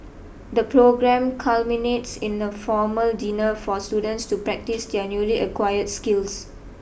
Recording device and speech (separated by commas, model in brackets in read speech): boundary microphone (BM630), read sentence